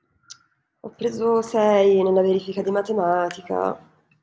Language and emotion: Italian, sad